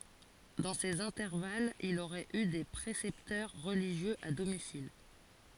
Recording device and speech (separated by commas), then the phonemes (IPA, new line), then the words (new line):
forehead accelerometer, read sentence
dɑ̃ sez ɛ̃tɛʁvalz il oʁɛt y de pʁesɛptœʁ ʁəliʒjøz a domisil
Dans ces intervalles, il aurait eu des précepteurs religieux à domicile.